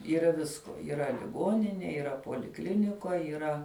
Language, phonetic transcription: Lithuanian, yˈra ˈvisko yˈra liˈgoninė yˈra poliˈklinikoj yˈra

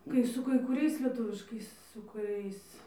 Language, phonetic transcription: Lithuanian, ˈkai su kai kuˈriais lieˈtuviškais su kuˈriais

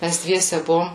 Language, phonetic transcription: Lithuanian, ˈmæs ˈdviese ˈbuvom

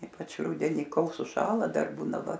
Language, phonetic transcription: Lithuanian, ˈypač ˈrudeni ˈkol suˈšąla ˈdar ˈbūna ˈva

